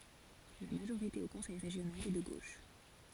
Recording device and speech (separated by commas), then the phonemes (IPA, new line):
forehead accelerometer, read sentence
la maʒoʁite o kɔ̃sɛj ʁeʒjonal ɛ də ɡoʃ